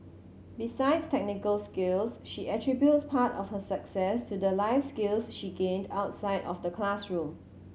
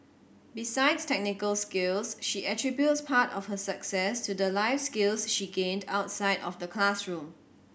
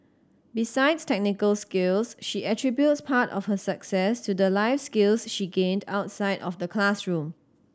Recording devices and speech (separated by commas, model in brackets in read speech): mobile phone (Samsung C7100), boundary microphone (BM630), standing microphone (AKG C214), read sentence